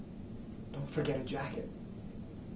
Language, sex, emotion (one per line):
English
male
neutral